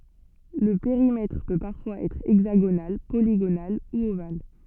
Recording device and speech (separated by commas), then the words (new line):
soft in-ear microphone, read sentence
Le périmètre peut parfois être hexagonal, polygonal ou ovale.